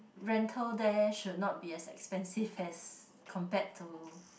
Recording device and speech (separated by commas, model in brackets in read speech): boundary microphone, conversation in the same room